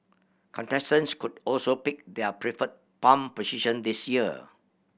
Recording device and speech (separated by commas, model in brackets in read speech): boundary microphone (BM630), read sentence